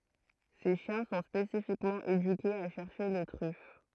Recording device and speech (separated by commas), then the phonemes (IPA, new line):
throat microphone, read sentence
se ʃjɛ̃ sɔ̃ spesifikmɑ̃ edykez a ʃɛʁʃe le tʁyf